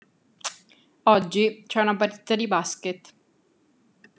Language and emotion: Italian, neutral